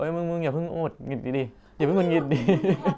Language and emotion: Thai, happy